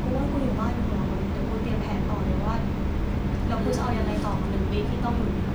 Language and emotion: Thai, frustrated